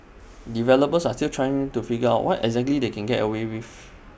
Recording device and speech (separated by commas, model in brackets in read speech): boundary microphone (BM630), read sentence